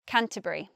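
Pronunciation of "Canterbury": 'Canterbury' is said with three syllables.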